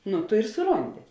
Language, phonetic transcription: Lithuanian, ˈnu ˈtu ir suˈrondi

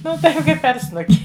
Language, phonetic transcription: Lithuanian, ˈnu ˈtaip ˈkaip per ˈsnuki

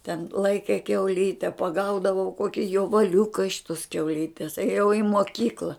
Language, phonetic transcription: Lithuanian, ten ˈlaike kiauˈlyte paˈgaudavau ˈkoki jovaˈliuka iš tos kiauˈlytes ėˈjau i moˈkykla

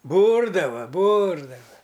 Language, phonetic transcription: Lithuanian, ˈbūrdava ˈbūrdava

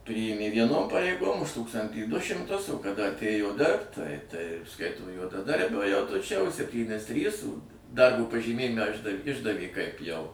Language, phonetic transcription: Lithuanian, ˈpryjėmė vieˈnom pareiˈgom už ˈtūkstantį ˈdu šimˈtus o kaˈda atˈėjo ˈdirbt ˈtai ˈtai ˈskaito juodaˈdarbio jau tu ˈčia už sepˈtynis ˈtrys ˈdarbo pažyˈmėjime ˈišda ˈišdavė kaip jau

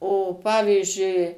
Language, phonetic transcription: Lithuanian, o ˈpavyzdžiui

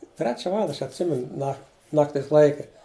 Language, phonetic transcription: Lithuanian, ˈtrečia ˈvalanda ˈaš atˈsimenu ˈna ˈnaktis ˈlaike

